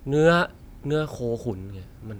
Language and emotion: Thai, neutral